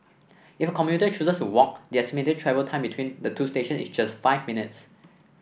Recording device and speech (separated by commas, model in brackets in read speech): boundary microphone (BM630), read sentence